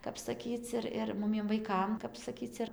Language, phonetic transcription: Lithuanian, ˈkap saˈkyc ir ˈir ˈmumiem vaiˈkam kap saˈkyc ir

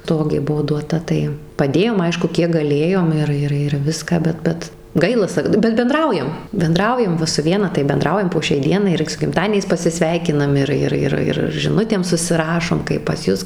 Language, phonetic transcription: Lithuanian, ˈtogė ˈbuvo duoˈta tai paˈdėjom ˈaišku ˈkiek gaˈlėjom ˈir ˈir ir ˈviską ˈbet ˈbet ˈgaila ˈsak bet benˈdraujam benˈdraujam ˈva su ˈviena tai benˈdraujam po šiai ˈdienai ir su gimˈtadieniais pasiˈsveikinam ir ˈir ˈir ˈir ir žiˈnutėm susiˈrašom kaip pas ˈjus

